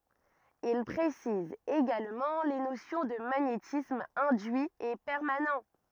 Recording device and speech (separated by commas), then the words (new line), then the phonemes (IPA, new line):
rigid in-ear microphone, read sentence
Il précise également les notions de magnétisme induit et permanent.
il pʁesiz eɡalmɑ̃ le nosjɔ̃ də maɲetism ɛ̃dyi e pɛʁmanɑ̃